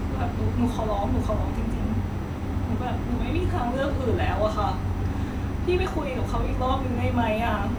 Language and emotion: Thai, sad